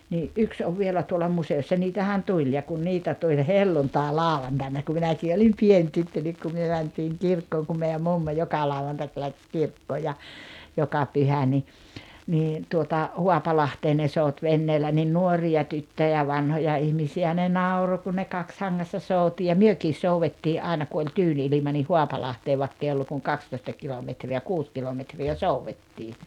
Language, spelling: Finnish, niin yksi on vielä tuolla museossa niitähän tuli ja kun niitä tuli helluntailauantaina kun minäkin olin pieni tyttö niin kun me mentiin kirkkoon kun meidän mummo joka lauantai lähti kirkkoon ja joka pyhä niin niin tuota Haapalahteen ne souti veneellä niin nuoria tyttöjä vanhoja ihmisiä ne nauroi kun ne kaksihangassa souti ja mekin soudettiin aina kun oli tyyni ilma niin Haapalahteen vaikka ei ollut kuin kaksitoista kilometriä kuusi kilometriä soudettiin
- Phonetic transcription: nii , '’yks ov 'vielä tuola 'muse₍ossa 'niitähän "tuĺ ja kun 'niitä tuĺ "helluntáe"làuvantàina ku 'minäkii olim "pien 'tyttö nik ku myö 'mäntiiŋ "kirkkooŋ kum mei₍äm "mummo 'joka 'lauwantak läks "kirkkoo ja , 'joka 'pyhä ni , nii , tuota , "Huapalahtee ne 'sout 'venneelä nin "nuori₍a 'tyttöjä 'vanhoja 'ihmisi₍ä ne "nauro kun ne 'kakshaŋŋassa 'sout ja "myökis 'souwettii "’àena ku oĺ "tyyn 'ilima nih "Huapalahtee 'vaᵉkk ‿ei ollu kuŋ "kakstoⁱsta 'kilometri₍ä "kuus kilometri₍ä "souwwettii .

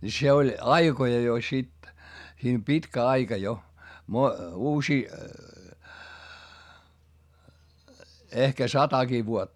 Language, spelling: Finnish, niin se oli aikoja jo sitten siinä pitkä aika jo - uusia ehkä satakin vuotta
- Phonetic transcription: ni se oĺ aikoja jo sit , siim pitkä aika jo , mo- , uusii , ehkä sataki vuotta .

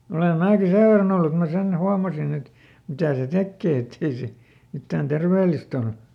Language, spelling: Finnish, olen minäkin sen verran ollut että minä sen huomasin että mitä se tekee että ei se mitään terveellistä ole
- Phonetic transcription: ole ˈmääki "sev verran ‿ollu et mä ˈsen ˈhuamasin ‿et , ˈmitä̀ se "tekkè ettei se , ˈmittään ˈter-veelist ‿ol .

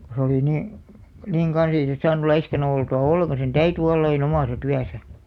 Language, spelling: Finnish, kun se oli niin niin kanssa ei se saanut laiskana oltua ollenkaan sen täytyi olla aina omassa työssä
- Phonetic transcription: ko se oli 'nii , niiŋ 'ɢan̬s ‿ei se 'saanu 'laiskana oltu₍a "ollekan̬§ sen "täyty 'olla ai'n ‿omàsa 'tyäsä .

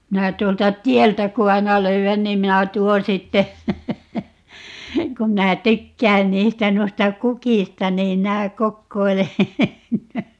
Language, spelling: Finnish, minä tuolta tieltä kun aina löydän niin minä tuon sitten kun minä tykkään niistä noista kukista niin minä kokoilen
- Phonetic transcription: 'minä 'tuolta "tiɛltä ku 'aina 'löy₍än niim 'minä "tuon 'sitte , 'kum 'minä "tykkään 'niistä 'nuista "kukista niim 'minä "kokkoile , .

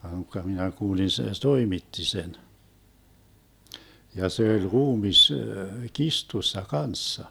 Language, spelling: Finnish, vaan unkka minä kuulin se toimitti sen ja se oli ruumis kirstussa kanssa
- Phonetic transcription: va (uŋkka) minä 'kuulin se "toimitti 'sen , ja 'se oĺ "ruumis , "kistussa "kanssa .

